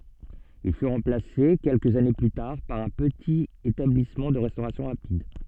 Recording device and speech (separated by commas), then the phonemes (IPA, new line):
soft in-ear microphone, read sentence
il fy ʁɑ̃plase kɛlkəz ane ply taʁ paʁ œ̃ pətit etablismɑ̃ də ʁɛstoʁasjɔ̃ ʁapid